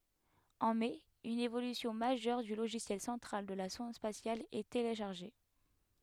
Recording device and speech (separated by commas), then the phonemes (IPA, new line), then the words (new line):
headset microphone, read sentence
ɑ̃ mɛ yn evolysjɔ̃ maʒœʁ dy loʒisjɛl sɑ̃tʁal də la sɔ̃d spasjal ɛ teleʃaʁʒe
En mai une évolution majeure du logiciel central de la sonde spatiale est téléchargée.